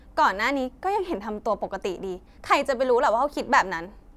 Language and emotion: Thai, frustrated